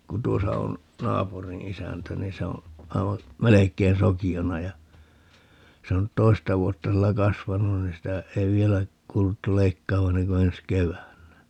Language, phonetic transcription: Finnish, ku 'tuosa on , 'naapuriḭ "isäntä 'ni se oo̰ , 'aiva , "melek̆kein 'soki₍ona ja , 'se (on nyt) "toista 'vuotta 'sillä "kasvanu(n) ni sitä , 'ei vielä , 'kuuluttu "leikkaava 'enneŋ ko 'ens "keväännä .
- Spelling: kun tuossa on naapurin isäntä niin se on aivan melkein sokeana ja se on nyt toista vuotta sillä kasvanut niin sitä ei vielä kuuluttu leikkaavan ennen kuin ensi keväänä

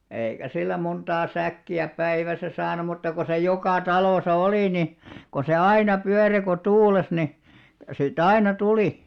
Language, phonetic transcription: Finnish, 'èikä sillä 'monᴅaa 'sä̀kki₍ä "päiväsä saanum̆ mutta ko se 'jokà "talòsa "olì ni , ko se "aina 'pyäre ko "tuules ni , si't ‿aina 'tulì .
- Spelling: eikä sillä montaa säkkiä päivässä saanut mutta kun se joka talossa oli niin kun se aina pyöri kun tuuli niin sitä aina tuli

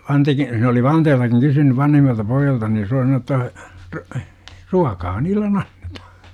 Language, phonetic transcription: Finnish, 'Vanteki , se oli "Vanteeltakiŋ 'kysynyv 'vanhimmalta 'poijjalta ni ja se oli sanoo ‿tta , r - , "ruakaa » 'niillen anNEtAhA « .
- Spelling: Vantekin se oli Vanteltakin kysynyt vanhimmalta pojalta niin ja se oli sanonut jotta - - ruokaa niille annetaan

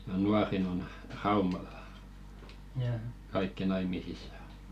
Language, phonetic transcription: Finnish, ja "nuarin ‿on , 'Raumal̆lᴀ , 'kaikki 'naimisis̆sa .
- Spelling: ja nuorin on Raumalla kaikki naimisissa

